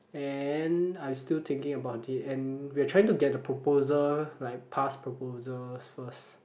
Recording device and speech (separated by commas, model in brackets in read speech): boundary microphone, conversation in the same room